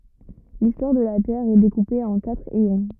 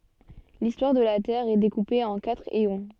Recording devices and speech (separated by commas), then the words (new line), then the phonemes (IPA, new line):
rigid in-ear microphone, soft in-ear microphone, read sentence
L'histoire de la Terre est découpée en quatre éons.
listwaʁ də la tɛʁ ɛ dekupe ɑ̃ katʁ eɔ̃